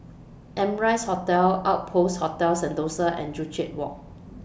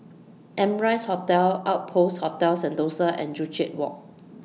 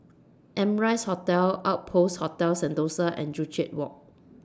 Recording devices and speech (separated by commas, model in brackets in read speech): boundary microphone (BM630), mobile phone (iPhone 6), standing microphone (AKG C214), read sentence